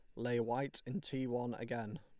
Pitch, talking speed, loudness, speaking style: 120 Hz, 200 wpm, -40 LUFS, Lombard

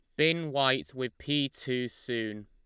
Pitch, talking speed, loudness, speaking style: 130 Hz, 160 wpm, -30 LUFS, Lombard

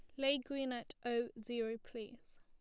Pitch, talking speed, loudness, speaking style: 240 Hz, 165 wpm, -41 LUFS, plain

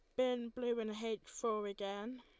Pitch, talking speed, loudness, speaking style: 230 Hz, 180 wpm, -40 LUFS, Lombard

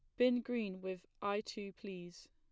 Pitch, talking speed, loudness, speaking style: 200 Hz, 170 wpm, -40 LUFS, plain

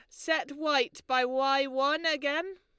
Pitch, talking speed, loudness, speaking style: 285 Hz, 155 wpm, -29 LUFS, Lombard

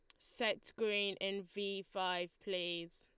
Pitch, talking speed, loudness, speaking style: 190 Hz, 130 wpm, -39 LUFS, Lombard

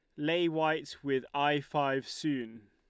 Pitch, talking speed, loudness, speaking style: 145 Hz, 145 wpm, -32 LUFS, Lombard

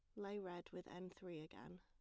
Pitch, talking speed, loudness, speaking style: 180 Hz, 225 wpm, -53 LUFS, plain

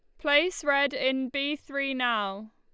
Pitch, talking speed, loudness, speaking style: 280 Hz, 155 wpm, -27 LUFS, Lombard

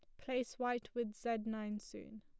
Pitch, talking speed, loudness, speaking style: 230 Hz, 180 wpm, -41 LUFS, plain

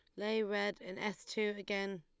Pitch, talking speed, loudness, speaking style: 205 Hz, 200 wpm, -38 LUFS, Lombard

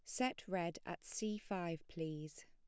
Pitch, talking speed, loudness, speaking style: 175 Hz, 160 wpm, -44 LUFS, plain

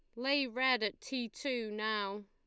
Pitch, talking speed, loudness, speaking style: 240 Hz, 175 wpm, -35 LUFS, Lombard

